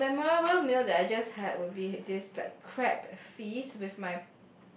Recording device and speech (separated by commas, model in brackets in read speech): boundary microphone, conversation in the same room